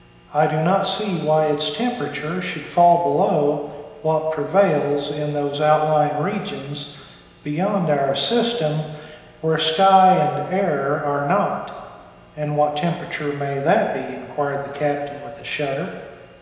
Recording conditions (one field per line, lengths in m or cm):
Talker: one person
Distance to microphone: 1.7 m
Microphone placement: close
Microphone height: 1.0 m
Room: very reverberant, large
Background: none